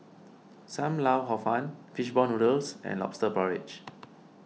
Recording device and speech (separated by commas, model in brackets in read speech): mobile phone (iPhone 6), read sentence